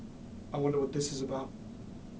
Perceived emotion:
fearful